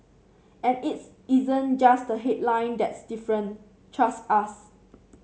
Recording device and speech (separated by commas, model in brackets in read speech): mobile phone (Samsung C7), read sentence